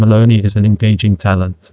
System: TTS, neural waveform model